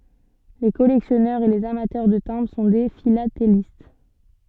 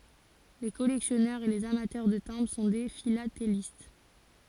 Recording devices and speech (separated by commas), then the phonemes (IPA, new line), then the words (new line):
soft in-ear microphone, forehead accelerometer, read sentence
le kɔlɛksjɔnœʁz e lez amatœʁ də tɛ̃bʁ sɔ̃ de filatelist
Les collectionneurs et les amateurs de timbres sont des philatélistes.